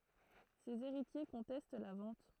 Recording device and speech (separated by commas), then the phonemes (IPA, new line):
throat microphone, read sentence
sez eʁitje kɔ̃tɛst la vɑ̃t